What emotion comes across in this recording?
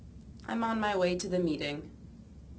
sad